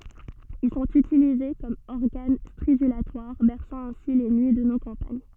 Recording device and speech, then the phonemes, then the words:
soft in-ear microphone, read sentence
il sɔ̃t ytilize kɔm ɔʁɡan stʁidylatwaʁ bɛʁsɑ̃ ɛ̃si le nyi də no kɑ̃paɲ
Ils sont utilisés comme organes stridulatoires, berçant ainsi les nuits de nos campagnes.

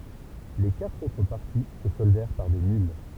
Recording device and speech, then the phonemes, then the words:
temple vibration pickup, read sentence
le katʁ otʁ paʁti sə sɔldɛʁ paʁ de nyl
Les quatre autres parties se soldèrent par des nulles.

